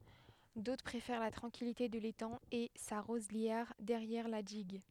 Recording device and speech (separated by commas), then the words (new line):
headset microphone, read sentence
D'autres préfèrent la tranquillité de l'étang et sa roselière derrière la digue.